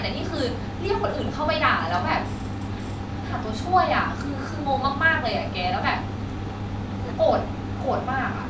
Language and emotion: Thai, frustrated